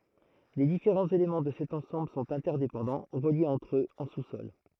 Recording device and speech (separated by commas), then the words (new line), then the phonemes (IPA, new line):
throat microphone, read sentence
Les différents éléments de cet ensemble sont interdépendants, reliés entre eux en sous-sol.
le difeʁɑ̃z elemɑ̃ də sɛt ɑ̃sɑ̃bl sɔ̃t ɛ̃tɛʁdepɑ̃dɑ̃ ʁəljez ɑ̃tʁ øz ɑ̃ susɔl